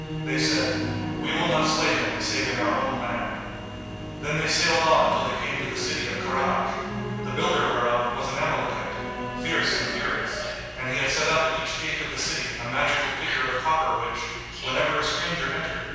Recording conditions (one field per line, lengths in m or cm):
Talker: one person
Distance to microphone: 7.1 m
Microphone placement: far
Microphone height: 1.7 m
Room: very reverberant, large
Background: television